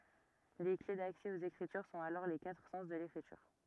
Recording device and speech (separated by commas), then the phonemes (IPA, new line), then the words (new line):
rigid in-ear microphone, read sentence
le kle daksɛ oz ekʁityʁ sɔ̃t alɔʁ le katʁ sɑ̃s də lekʁityʁ
Les clés d'accès aux Écritures sont alors les quatre sens de l'Écriture.